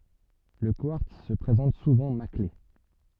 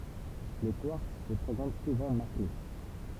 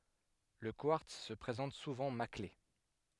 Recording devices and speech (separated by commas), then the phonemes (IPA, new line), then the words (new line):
soft in-ear microphone, temple vibration pickup, headset microphone, read sentence
lə kwaʁts sə pʁezɑ̃t suvɑ̃ makle
Le quartz se présente souvent maclé.